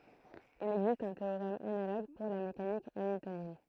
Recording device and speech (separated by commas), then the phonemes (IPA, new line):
throat microphone, read sentence
il ɛɡzist œ̃ teoʁɛm analoɡ puʁ la mekanik amiltonjɛn